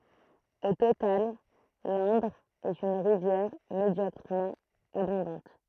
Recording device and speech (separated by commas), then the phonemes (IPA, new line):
throat microphone, read sentence
o total lɛ̃dʁ ɛt yn ʁivjɛʁ medjɔkʁəmɑ̃ abɔ̃dɑ̃t